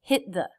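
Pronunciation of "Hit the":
'Hit' is stressed, louder and higher in pitch than 'the', which is unstressed. The T in 'hit' is a stop T.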